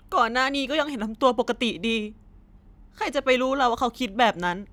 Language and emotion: Thai, sad